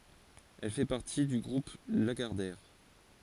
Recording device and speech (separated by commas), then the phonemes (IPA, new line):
forehead accelerometer, read sentence
ɛl fɛ paʁti dy ɡʁup laɡaʁdɛʁ